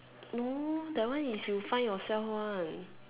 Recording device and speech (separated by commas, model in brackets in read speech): telephone, conversation in separate rooms